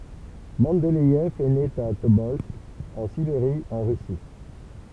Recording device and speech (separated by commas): temple vibration pickup, read sentence